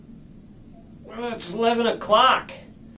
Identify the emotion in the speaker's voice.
angry